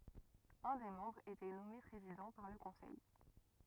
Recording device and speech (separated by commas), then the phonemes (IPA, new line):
rigid in-ear microphone, read sentence
œ̃ de mɑ̃bʁz etɛ nɔme pʁezidɑ̃ paʁ lə kɔ̃sɛj